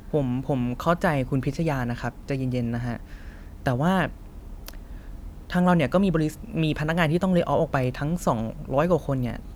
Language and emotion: Thai, frustrated